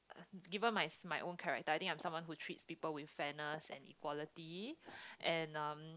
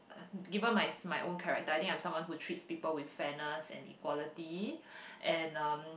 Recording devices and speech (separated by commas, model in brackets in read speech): close-talking microphone, boundary microphone, conversation in the same room